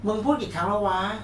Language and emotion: Thai, frustrated